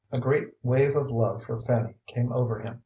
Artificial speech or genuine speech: genuine